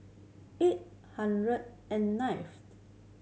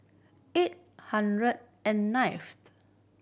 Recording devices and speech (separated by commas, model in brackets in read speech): mobile phone (Samsung C7100), boundary microphone (BM630), read sentence